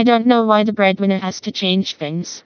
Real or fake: fake